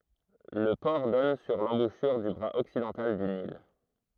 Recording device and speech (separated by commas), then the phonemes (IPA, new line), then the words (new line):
throat microphone, read sentence
lə pɔʁ dɔn syʁ lɑ̃buʃyʁ dy bʁaz ɔksidɑ̃tal dy nil
Le port donne sur l'embouchure du bras occidental du Nil.